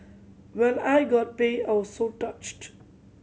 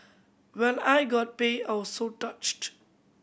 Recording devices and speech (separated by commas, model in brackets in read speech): mobile phone (Samsung C7100), boundary microphone (BM630), read sentence